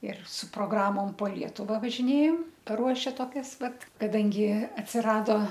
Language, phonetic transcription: Lithuanian, ir su proˈgramom po ˈlietuva važiˈnėjom paˈruoše toˈkias ˈvat kaˈdangi atsiˈrado

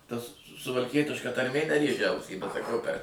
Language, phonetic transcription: Lithuanian, ˈtas suvalˈkietiška tarˈmė neˈrėžia ˈausį bet saˈkau per

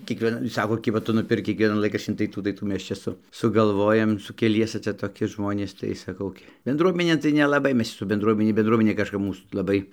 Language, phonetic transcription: Lithuanian, kiekvieˈna ˈsako ˈkiba ˈtu nuˈpirk kiekˈvienan ˈlaiˈkraščin tai ˈtų tai ˈtų ˈmes ˈčia su sugalˈvojam su keˈliese ˈcia toˈki ˈžmonės tai saˈkau gi benˈdruomenėn tai nelaˈbai ˈmes su benˈdruomene benˈdruomenė kažˈkap ˈmūs laˈbai

